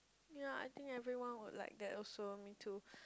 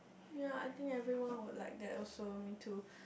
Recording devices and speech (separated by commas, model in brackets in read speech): close-talking microphone, boundary microphone, conversation in the same room